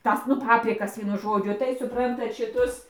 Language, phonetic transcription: Lithuanian, ˈtas nu ˈpaprikas ˈvienu ˈžodžiu tai suˈprantat šiˈtus

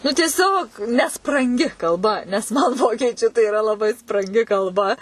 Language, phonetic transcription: Lithuanian, nu tieˈsiog nespranˈgi kalˈba nes man ˈvokiečiu tai yˈra laˈbai spranˈgi kalˈba

